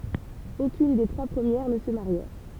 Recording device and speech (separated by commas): temple vibration pickup, read sentence